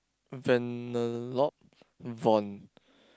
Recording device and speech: close-talking microphone, conversation in the same room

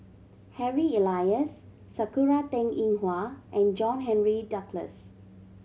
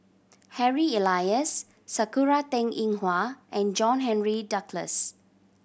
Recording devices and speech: mobile phone (Samsung C7100), boundary microphone (BM630), read sentence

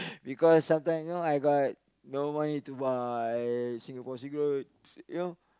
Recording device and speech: close-talking microphone, conversation in the same room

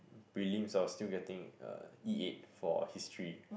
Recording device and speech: boundary microphone, conversation in the same room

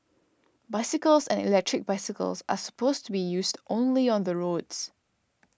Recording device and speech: standing microphone (AKG C214), read sentence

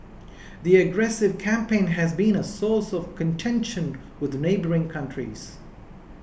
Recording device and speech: boundary microphone (BM630), read sentence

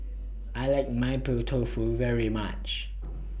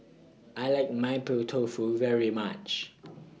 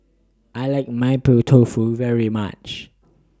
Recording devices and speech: boundary microphone (BM630), mobile phone (iPhone 6), standing microphone (AKG C214), read sentence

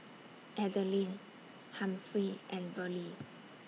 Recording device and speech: mobile phone (iPhone 6), read sentence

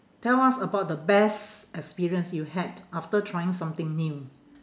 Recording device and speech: standing microphone, conversation in separate rooms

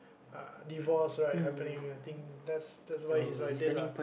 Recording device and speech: boundary microphone, conversation in the same room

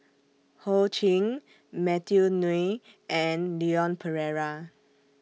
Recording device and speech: mobile phone (iPhone 6), read sentence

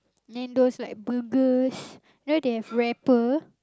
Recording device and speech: close-talking microphone, conversation in the same room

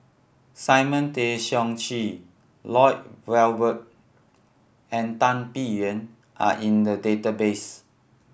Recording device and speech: boundary microphone (BM630), read sentence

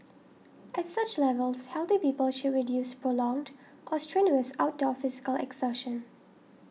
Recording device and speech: mobile phone (iPhone 6), read sentence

